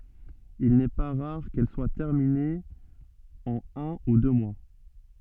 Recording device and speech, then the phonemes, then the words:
soft in-ear microphone, read sentence
il nɛ pa ʁaʁ kɛl swa tɛʁminez ɑ̃n œ̃ u dø mwa
Il n'est pas rare qu'elles soient terminées en un ou deux mois.

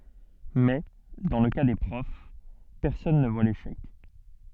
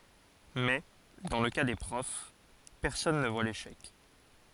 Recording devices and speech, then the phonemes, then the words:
soft in-ear microphone, forehead accelerometer, read sentence
mɛ dɑ̃ lə ka de pʁɔf pɛʁsɔn nə vwa leʃɛk
Mais, dans le cas des profs, personne ne voit l’échec.

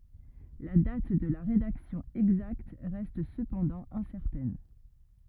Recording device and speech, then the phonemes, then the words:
rigid in-ear microphone, read sentence
la dat də la ʁedaksjɔ̃ ɛɡzakt ʁɛst səpɑ̃dɑ̃ ɛ̃sɛʁtɛn
La date de la rédaction exacte reste cependant incertaine.

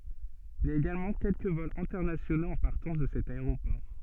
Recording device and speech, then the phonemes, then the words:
soft in-ear microphone, read sentence
il i a eɡalmɑ̃ kɛlkə vɔlz ɛ̃tɛʁnasjonoz ɑ̃ paʁtɑ̃s də sɛt aeʁopɔʁ
Il y a également quelques vols internationaux en partance de cet aéroport.

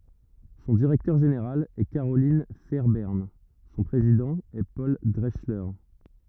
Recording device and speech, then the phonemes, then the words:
rigid in-ear microphone, read sentence
sɔ̃ diʁɛktœʁ ʒeneʁal ɛ kaʁolɛ̃ fɛʁbɛʁn sɔ̃ pʁezidɑ̃ ɛ pɔl dʁɛksle
Son directeur général est Carolyn Fairbairn, son président est Paul Drechsler.

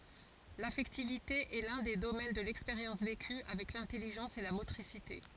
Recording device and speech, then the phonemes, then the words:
forehead accelerometer, read sentence
lafɛktivite ɛ lœ̃ de domɛn də lɛkspeʁjɑ̃s veky avɛk lɛ̃tɛliʒɑ̃s e la motʁisite
L’affectivité est l’un des domaines de l’expérience vécue, avec l’intelligence et la motricité.

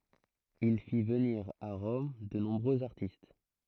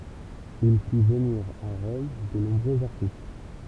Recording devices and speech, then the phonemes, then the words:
throat microphone, temple vibration pickup, read sentence
il fi vəniʁ a ʁɔm də nɔ̃bʁøz aʁtist
Il fit venir à Rome de nombreux artistes.

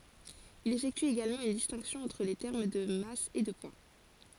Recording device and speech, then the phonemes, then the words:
forehead accelerometer, read sentence
il efɛkty eɡalmɑ̃ yn distɛ̃ksjɔ̃ ɑ̃tʁ le tɛʁm də mas e də pwa
Il effectue également une distinction entre les termes de masse et de poids.

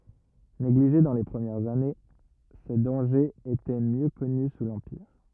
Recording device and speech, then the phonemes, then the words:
rigid in-ear microphone, read sentence
neɡliʒe dɑ̃ le pʁəmjɛʁz ane se dɑ̃ʒez etɛ mjø kɔny su lɑ̃piʁ
Négligés dans les premières années, ses dangers étaient mieux connus sous l'Empire.

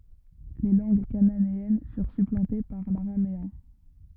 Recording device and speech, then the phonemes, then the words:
rigid in-ear microphone, read sentence
le lɑ̃ɡ kananeɛn fyʁ syplɑ̃te paʁ laʁameɛ̃
Les langues cananéennes furent supplantées par l'araméen.

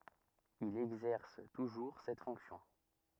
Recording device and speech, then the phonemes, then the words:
rigid in-ear microphone, read sentence
il ɛɡzɛʁs tuʒuʁ sɛt fɔ̃ksjɔ̃
Il exerce toujours cette fonction.

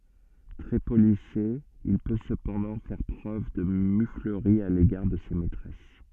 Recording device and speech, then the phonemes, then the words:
soft in-ear microphone, read sentence
tʁɛ polise il pø səpɑ̃dɑ̃ fɛʁ pʁøv də myfləʁi a leɡaʁ də se mɛtʁɛs
Très policé, il peut cependant faire preuve de muflerie à l’égard de ses maîtresses.

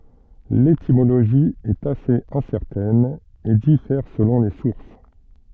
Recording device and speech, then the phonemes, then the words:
soft in-ear microphone, read sentence
letimoloʒi ɛt asez ɛ̃sɛʁtɛn e difɛʁ səlɔ̃ le suʁs
L'étymologie est assez incertaine et diffère selon les sources.

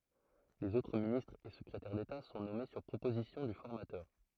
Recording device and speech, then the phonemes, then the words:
throat microphone, read sentence
lez otʁ ministʁz e səkʁetɛʁ deta sɔ̃ nɔme syʁ pʁopozisjɔ̃ dy fɔʁmatœʁ
Les autres ministres et secrétaires d’État sont nommés sur proposition du formateur.

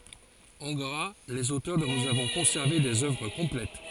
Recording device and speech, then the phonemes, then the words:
forehead accelerometer, read sentence
ɑ̃ ɡʁa lez otœʁ dɔ̃ nuz avɔ̃ kɔ̃sɛʁve dez œvʁ kɔ̃plɛt
En gras, les auteurs dont nous avons conservé des œuvres complètes.

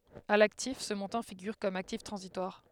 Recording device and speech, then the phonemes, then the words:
headset microphone, read sentence
a laktif sə mɔ̃tɑ̃ fiɡyʁ kɔm aktif tʁɑ̃zitwaʁ
À l'actif, ce montant figure comme actif transitoire.

